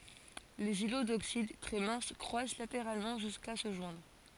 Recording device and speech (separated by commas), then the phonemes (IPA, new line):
forehead accelerometer, read sentence
lez ilo doksid tʁɛ mɛ̃s kʁwas lateʁalmɑ̃ ʒyska sə ʒwɛ̃dʁ